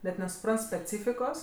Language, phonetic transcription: Lithuanian, net nesuˈprant speˈcyfikos

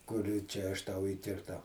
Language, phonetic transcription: Lithuanian, ˈkur ˈčia aš ˈtau įkirˈtau

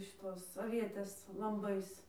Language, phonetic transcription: Lithuanian, šiˈtos avieˈtės lamˈbais

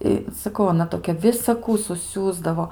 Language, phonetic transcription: Lithuanian, ˈi saˈkau aˈna toˈkia visaˈkų suˈsiųsdavo

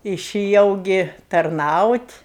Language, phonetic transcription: Lithuanian, išiˈjau ˈgi tarˈnaut'

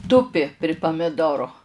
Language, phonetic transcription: Lithuanian, ˈtupi pri pamiˈdoro

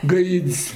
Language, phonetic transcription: Lithuanian, ˈgaid's'

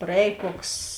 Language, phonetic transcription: Lithuanian, praˈēj ˈkoks

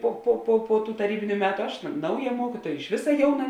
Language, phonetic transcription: Lithuanian, ˈpo po po po tų taˈrybiniu ˈmetu ˈaš ˈnauˌja ˈmuokytuoja iš ˈvisa ˈjauˌna

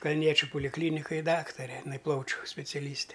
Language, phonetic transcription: Lithuanian, kalˈniečiu polikˈlynikoj ˈdaktare iˈnai ˈplaučiu speciaˈlyste

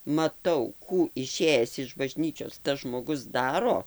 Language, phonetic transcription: Lithuanian, maˈtau ˈkų iˈšėjes iš baˈžnyčios tas žmoˈgus ˈdaro

